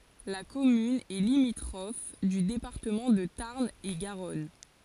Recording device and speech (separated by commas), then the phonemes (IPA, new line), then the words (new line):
forehead accelerometer, read sentence
la kɔmyn ɛ limitʁɔf dy depaʁtəmɑ̃ də taʁn e ɡaʁɔn
La commune est limitrophe du département de Tarn-et-Garonne.